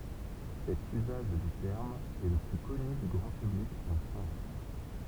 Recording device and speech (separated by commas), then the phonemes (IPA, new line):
temple vibration pickup, read sentence
sɛt yzaʒ dy tɛʁm ɛ lə ply kɔny dy ɡʁɑ̃ pyblik ɑ̃ fʁɑ̃s